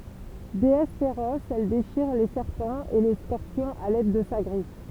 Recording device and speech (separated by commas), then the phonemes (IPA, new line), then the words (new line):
temple vibration pickup, read sentence
deɛs feʁɔs ɛl deʃiʁ le sɛʁpɑ̃z e le skɔʁpjɔ̃z a lɛd də sa ɡʁif
Déesse féroce, elle déchire les serpents et les scorpions à l'aide de sa griffe.